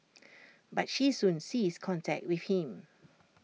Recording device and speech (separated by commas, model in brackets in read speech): mobile phone (iPhone 6), read sentence